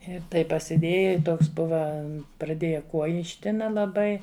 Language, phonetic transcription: Lithuanian, i ˈtaip pasiˈdėja i ˈtoks ˈbuva praˈdėja ˈkuoji išˈtina laˈbai

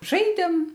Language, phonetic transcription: Lithuanian, ˈžaidėm

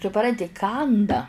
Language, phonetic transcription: Lithuanian, suˈpranti ˈkanda

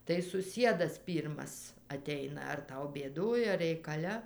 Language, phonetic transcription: Lithuanian, tai suˈsiedas ˈpyrmas aˈteina ar ˈtau bėˈdoj ar reikaˈle

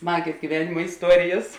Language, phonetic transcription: Lithuanian, ˈsmagės gyˈvenima isˈtuorijas

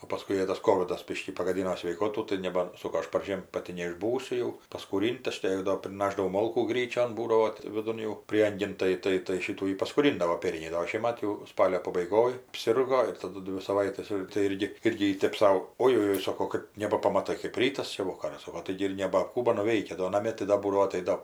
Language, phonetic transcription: Lithuanian, o paˈskui ˈjai tas ˈkovidas ˈbiškį pagaˈdyno sveiˈkotų tai neˈbar ˈsoko ˈaš parˈžiem ˈpati neišˈbūsiu jau paskūˈrint ˈaš te ˈjai do priˈnašdavau ˈmolkų ˈgryčion ˈbūdavo ti viˈdun jau ˈprieangin ˈtai ˈtai tai ˈšytų ji paskūˈrindavo ˈpėrniai do o ˈšiemat jau ˈspalio pabaiˈgoj apˈsirgo ir taˈdu ˈdvi saˈvaites ir tai ˈirgi ˈirgi ji tep ˈsau ˈojojoi ˈsoko ˈkɜp nebapamaˈtai kɜp ˈrytas ˈčia ˈvokaras ˈsoko ˈtaigi ir ˈnebaˈkų ir nuˈveikia do naˈmė tai ˈda ˈbūdavo aˈtaido

